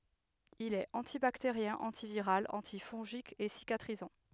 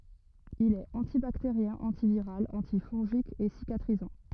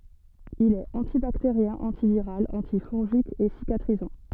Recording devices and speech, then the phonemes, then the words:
headset microphone, rigid in-ear microphone, soft in-ear microphone, read sentence
il ɛt ɑ̃tibakteʁjɛ̃ ɑ̃tiviʁal ɑ̃tifɔ̃ʒik e sikatʁizɑ̃
Il est antibactérien, antiviral, antifongique et cicatrisant.

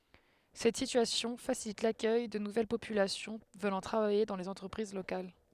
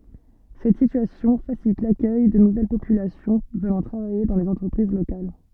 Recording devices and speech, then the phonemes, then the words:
headset microphone, soft in-ear microphone, read sentence
sɛt sityasjɔ̃ fasilit lakœj də nuvɛl popylasjɔ̃ vənɑ̃ tʁavaje dɑ̃ lez ɑ̃tʁəpʁiz lokal
Cette situation facilite l’accueil de nouvelle population venant travailler dans les entreprises locales.

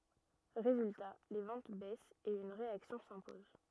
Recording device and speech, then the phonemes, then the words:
rigid in-ear microphone, read sentence
ʁezylta le vɑ̃t bɛst e yn ʁeaksjɔ̃ sɛ̃pɔz
Résultat, les ventes baissent et une réaction s'impose.

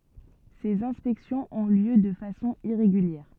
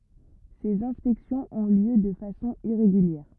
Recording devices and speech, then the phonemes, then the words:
soft in-ear microphone, rigid in-ear microphone, read sentence
sez ɛ̃spɛksjɔ̃z ɔ̃ ljø də fasɔ̃ iʁeɡyljɛʁ
Ces inspections ont lieu de façon irrégulière.

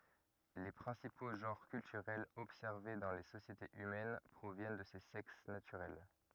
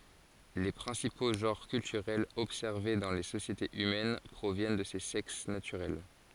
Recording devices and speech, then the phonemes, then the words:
rigid in-ear microphone, forehead accelerometer, read sentence
le pʁɛ̃sipo ʒɑ̃ʁ kyltyʁɛlz ɔbsɛʁve dɑ̃ le sosjetez ymɛn pʁovjɛn də se sɛks natyʁɛl
Les principaux genres culturels observés dans les sociétés humaines proviennent de ces sexes naturels.

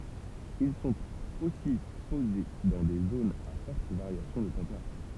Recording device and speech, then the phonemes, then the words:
temple vibration pickup, read sentence
il sɔ̃t osi poze dɑ̃ de zonz a fɔʁt vaʁjasjɔ̃ də tɑ̃peʁatyʁ
Ils sont aussi posés dans des zones à forte variation de température.

